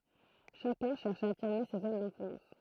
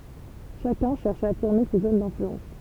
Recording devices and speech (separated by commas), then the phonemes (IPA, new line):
throat microphone, temple vibration pickup, read sentence
ʃakœ̃ ʃɛʁʃ a afiʁme se zon dɛ̃flyɑ̃s